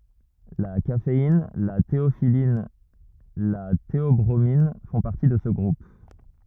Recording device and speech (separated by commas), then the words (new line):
rigid in-ear microphone, read sentence
La caféine, la théophylline, la théobromine font partie de ce groupe.